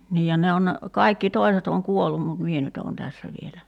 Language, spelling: Finnish, niin ja ne on ne kaikki toiset on kuollut mutta minä nyt olen tässä vielä
- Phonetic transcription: 'niij ja 'ne on ne , 'kaikki 'toi̬set ‿oŋ "kuollum mut 'mie nyt ‿oon 'tässä vielä .

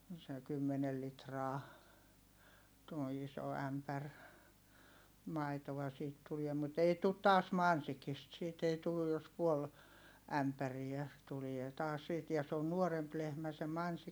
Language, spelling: Finnish, se kymmenen litraa tuo iso ämpäri maitoa siitä tuli mutta ei tule taas Mansikista siitä ei tullut jos puoli ämpäriä tulee taas siitä ja se on nuorempi lehmä se Mansikki
- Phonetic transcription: se kymmenel litraa , tuo iso ämpär , maitova siit tuliɛ mut ‿ei tut taas Mansikist siit ‿ei tulluj̆ jos puol , ämpäriä , tulie taas siit ja se on nuoremp lehmä se Mansik- , .

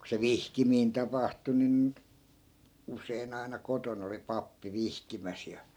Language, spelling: Finnish, kun se vihkiminen tapahtui niin usein aina kotona oli pappi vihkimässä ja
- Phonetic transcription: ku se "vihkimiin 'tapahtu nin , 'us̀ein ‿aina 'koton ‿oli 'pappi 'vihkimäs ja .

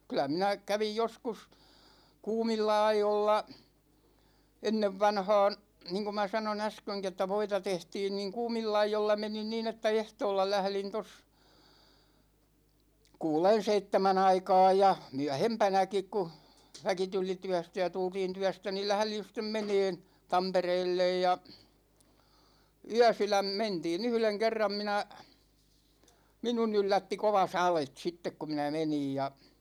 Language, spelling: Finnish, kyllä minä kävin joskus kuumilla ajoilla ennen vanhaan niin kuin minä sanoin äskenkin että voita tehtiin niin kuumilla ajoilla menin niin että ehtoolla lähdin tuossa kuuden seitsemän aikaan ja myöhempänäkin kun väki tuli työstä ja tultiin työstä niin lähdin sitten menemään Tampereelle ja yösydän mentiin yhden kerran minä minun yllätti kova sade sitten kun minä menin ja
- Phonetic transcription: kylä 'minä , 'kävij joskus , 'kuumilla 'aijolla , 'ennevvanhaan̬ , 'niiŋku ma 'sano"n ‿äsköŋki että 'voita 'tehtiin niiŋ "kuumilla 'aijolla 'menin niin ‿että "ehtoolla 'lählin tos , "kuulen̬ "seittemä'n ‿aikaaj ja , "myähempänäkik ku , 'väki tuli 'tyästä ja 'tultiin tyästä ni , 'lählin̬ sit̆tem "meneen̬ , 'Tampereellej ja , "yäsyläm 'mentii"n ‿yhleŋ 'kerram 'minä , "minun 'yllätti 'kova "salet sittek ku 'minä "menij ja .

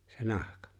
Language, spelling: Finnish, se nahka
- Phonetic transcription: se 'nahkᴀ .

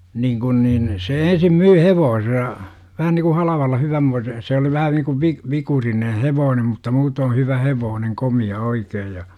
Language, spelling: Finnish, niin kun niin se ensin myi hevosensa vähän niin kuin halvalla hyvänmoisen se oli vähän niin kuin - vikurinen hevonen mutta muuten hyvä hevonen komea oikein ja
- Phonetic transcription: 'niiŋ kun niin , se 'ensim 'myy "hevoosesa , 'vähän niku 'halavalla "hyvämmoise , se oli vähän niku vi- , 'vikurinen̬ "hevoonem mutta 'muutoo 'hyvä "hevooneŋ "komi₍a 'oikeej ja .

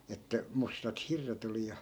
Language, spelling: Finnish, että mustat hirret oli ja
- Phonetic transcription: että , 'mustat 'hirret ‿oli ja .

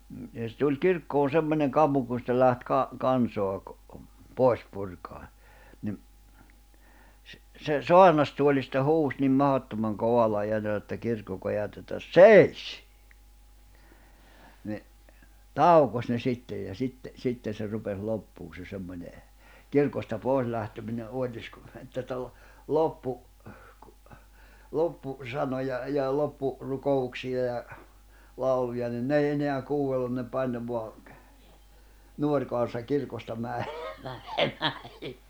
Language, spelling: Finnish, mm ja se tuli kirkkoon semmoinen kammo kun sitten lähti - kansaa pois purkamaan niin se saarnastuolista huusi niin mahdottoman kovalla äänellä että kirkko kajahti että seis niin taukosi ne sitten ja sitten sitten se rupesi loppumaan se semmoinen kirkosta pois lähteminen oitis kun että - - - loppusanoja ja - loppurukouksia ja lauluja niin ne ei enää kuunnellut ne painoi vain nuori kansa kirkosta - menemään
- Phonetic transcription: m̥ , ja se tuĺ 'kirkkoon̬ 'semmońeŋ ('kammu) kun (sittel) 'läht 'ka- , 'kansoa , 'pòi̬s purkaan̬ , niᵐ , se "soarnastuoĺista 'huus nim 'mahottomaŋ 'kovalla 'eänellä että 'kirkko kajaht ‿että » "seis « , ni , "taukoś ne 'sittej ja 'sitte , 'sitten̬ se rupes 'loppuu se 'semmońe , 'kirkosta 'pòi̬s lähtemine "’òi̬tis kuⁿ , että (tal-) , 'loppu- , 'loppu- , -'sanoja ja 'loppu- , -'ruko₍uksi₍a ja , -'lauluja nin "n ‿ei eneä 'kuu₍ellun ne 'paino 'voa , 'nuoŕ kansa 'kirkosta mä₍ᴇ- , mänemää .

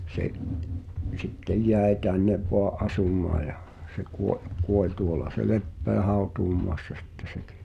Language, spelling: Finnish, se sitten jäi tänne vain asumaa ja se - kuoli tuolla se lepää hautausmaassa sitten sekin joo
- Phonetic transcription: 'se’ , 'sittej "jäe 'tännev voa’ "’asum̀aa ja , se kuo- , kuoĺ 'tuola se "leppeä "hàu̬tuumoassa sɪttᴇ 'sᴇkɪ , (ᴊᴏᴏ) .

